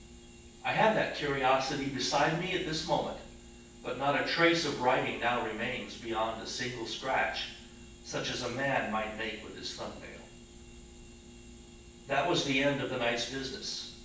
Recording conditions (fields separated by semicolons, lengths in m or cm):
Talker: one person; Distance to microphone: 9.8 m; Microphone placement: far; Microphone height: 1.8 m; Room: large; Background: none